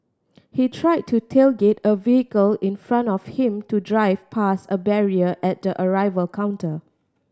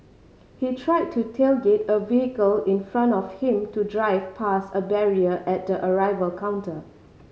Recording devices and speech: standing microphone (AKG C214), mobile phone (Samsung C5010), read sentence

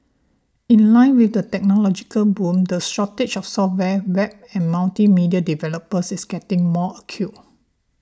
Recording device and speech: standing microphone (AKG C214), read sentence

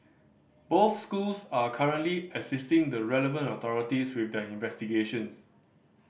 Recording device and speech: boundary microphone (BM630), read sentence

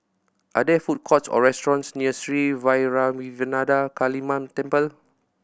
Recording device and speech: boundary microphone (BM630), read sentence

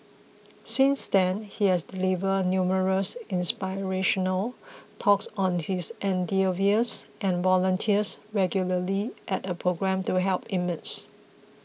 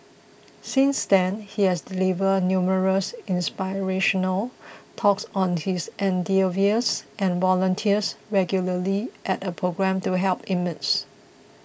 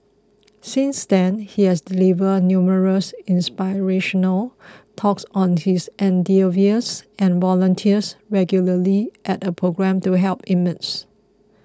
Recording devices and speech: mobile phone (iPhone 6), boundary microphone (BM630), close-talking microphone (WH20), read sentence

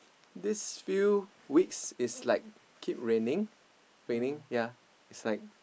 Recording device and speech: boundary microphone, conversation in the same room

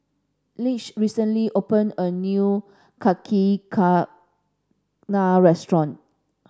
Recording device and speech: standing microphone (AKG C214), read sentence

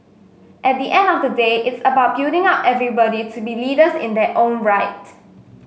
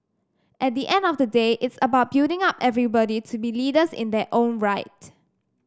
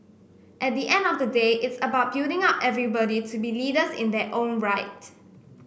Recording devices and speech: mobile phone (Samsung S8), standing microphone (AKG C214), boundary microphone (BM630), read sentence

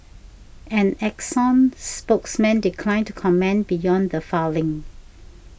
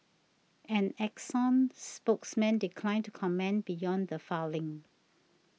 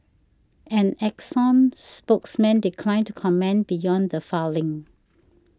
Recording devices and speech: boundary microphone (BM630), mobile phone (iPhone 6), standing microphone (AKG C214), read sentence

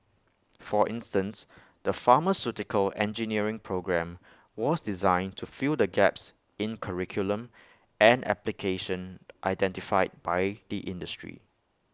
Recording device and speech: close-talking microphone (WH20), read sentence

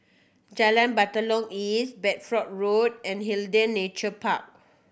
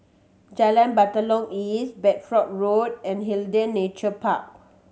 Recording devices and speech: boundary microphone (BM630), mobile phone (Samsung C7100), read sentence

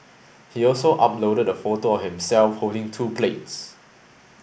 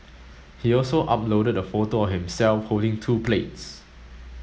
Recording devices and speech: boundary microphone (BM630), mobile phone (Samsung S8), read sentence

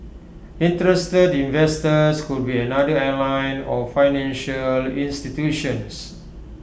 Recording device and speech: boundary microphone (BM630), read sentence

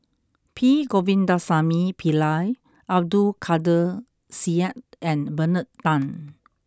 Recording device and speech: close-talking microphone (WH20), read sentence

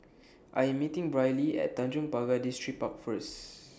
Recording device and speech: standing microphone (AKG C214), read sentence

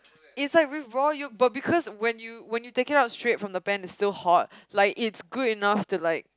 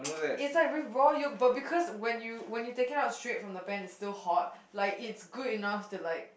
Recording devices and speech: close-talking microphone, boundary microphone, conversation in the same room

